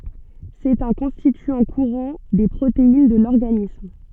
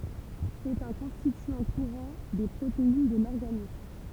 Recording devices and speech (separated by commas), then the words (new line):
soft in-ear microphone, temple vibration pickup, read sentence
C'est un constituant courant des protéines de l’organisme.